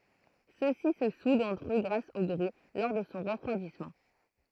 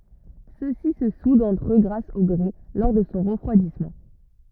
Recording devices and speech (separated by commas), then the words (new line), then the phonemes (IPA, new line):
throat microphone, rigid in-ear microphone, read sentence
Ceux-ci se soudent entre eux grâce au grès, lors de son refroidissement.
søksi sə sudt ɑ̃tʁ ø ɡʁas o ɡʁɛ lɔʁ də sɔ̃ ʁəfʁwadismɑ̃